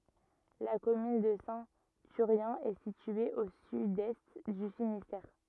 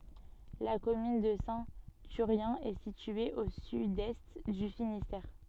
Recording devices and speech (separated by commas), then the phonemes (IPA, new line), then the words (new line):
rigid in-ear microphone, soft in-ear microphone, read sentence
la kɔmyn də sɛ̃ tyʁjɛ̃ ɛ sitye o sydɛst dy finistɛʁ
La commune de Saint-Thurien est située au sud-est du Finistère.